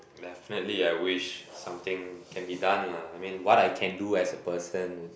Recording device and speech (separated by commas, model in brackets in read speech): boundary microphone, conversation in the same room